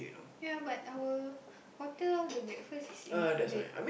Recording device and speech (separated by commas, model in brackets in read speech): boundary microphone, conversation in the same room